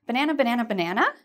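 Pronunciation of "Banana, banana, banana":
'Banana' is said over and over in a happy or surprised tone.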